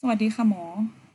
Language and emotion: Thai, neutral